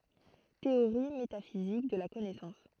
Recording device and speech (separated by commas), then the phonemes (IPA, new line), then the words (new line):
throat microphone, read sentence
teoʁi metafizik də la kɔnɛsɑ̃s
Théorie métaphysique de la connaissance.